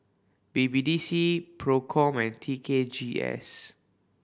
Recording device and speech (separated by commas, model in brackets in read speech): boundary microphone (BM630), read sentence